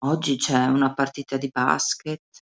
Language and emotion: Italian, sad